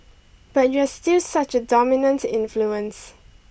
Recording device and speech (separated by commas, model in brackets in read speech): boundary microphone (BM630), read sentence